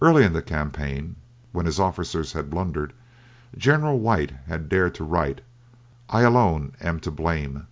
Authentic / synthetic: authentic